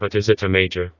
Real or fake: fake